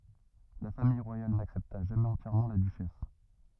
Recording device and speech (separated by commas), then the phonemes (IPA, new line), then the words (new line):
rigid in-ear microphone, read sentence
la famij ʁwajal naksɛpta ʒamɛz ɑ̃tjɛʁmɑ̃ la dyʃɛs
La famille royale n'accepta jamais entièrement la duchesse.